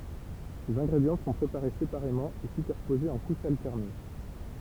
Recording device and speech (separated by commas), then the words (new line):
temple vibration pickup, read sentence
Ces ingrédients sont préparés séparément et superposés en couches alternées.